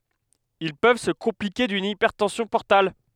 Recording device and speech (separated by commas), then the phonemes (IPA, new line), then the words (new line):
headset microphone, read sentence
il pøv sə kɔ̃plike dyn ipɛʁtɑ̃sjɔ̃ pɔʁtal
Ils peuvent se compliquer d'une hypertension portale.